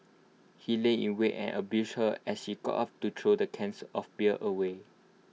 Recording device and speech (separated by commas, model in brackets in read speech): mobile phone (iPhone 6), read sentence